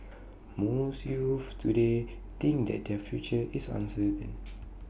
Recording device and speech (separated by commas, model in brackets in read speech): boundary microphone (BM630), read sentence